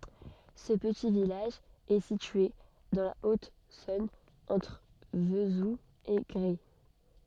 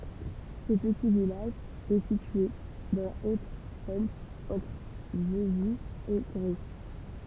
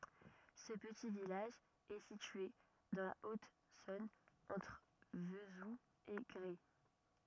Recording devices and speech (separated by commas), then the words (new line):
soft in-ear microphone, temple vibration pickup, rigid in-ear microphone, read sentence
Ce petit village est situé dans la Haute-Saône entre Vesoul et Gray.